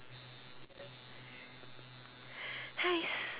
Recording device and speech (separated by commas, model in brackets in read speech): telephone, conversation in separate rooms